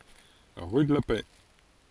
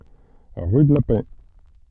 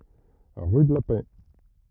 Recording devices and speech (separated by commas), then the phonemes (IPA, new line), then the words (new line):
forehead accelerometer, soft in-ear microphone, rigid in-ear microphone, read sentence
ʁy də la pɛ
Rue de la Paix.